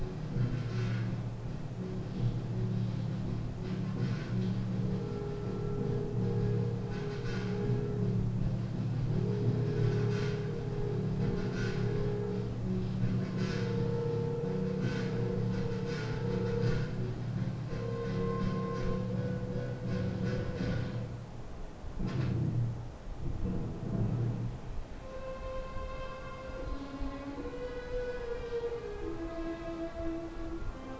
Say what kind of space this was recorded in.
A compact room (about 3.7 m by 2.7 m).